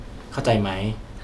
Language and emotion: Thai, neutral